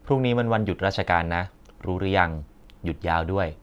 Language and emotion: Thai, neutral